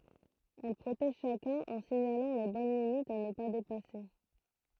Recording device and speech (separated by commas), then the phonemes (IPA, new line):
throat microphone, read sentence
ɛl pʁotɛʒ ʃakœ̃n ɑ̃ siɲalɑ̃ le bɔn limitz a nə pa depase